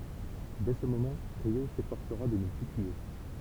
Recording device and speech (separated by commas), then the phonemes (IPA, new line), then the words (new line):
temple vibration pickup, read sentence
dɛ sə momɑ̃ ʁjo sefɔʁsəʁa də nə ply tye
Dès ce moment, Ryô s'efforcera de ne plus tuer.